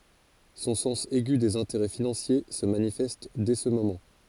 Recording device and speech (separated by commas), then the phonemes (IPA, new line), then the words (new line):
forehead accelerometer, read sentence
sɔ̃ sɑ̃s ɛɡy dez ɛ̃teʁɛ finɑ̃sje sə manifɛst dɛ sə momɑ̃
Son sens aigu des intérêts financiers se manifeste dès ce moment.